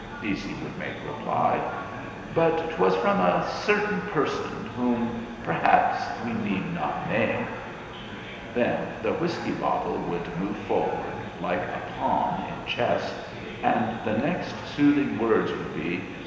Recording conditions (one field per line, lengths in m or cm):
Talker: one person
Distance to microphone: 1.7 m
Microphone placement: close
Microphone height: 1.0 m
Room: very reverberant, large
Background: babble